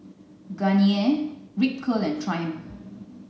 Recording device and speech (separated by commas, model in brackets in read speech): mobile phone (Samsung C9), read sentence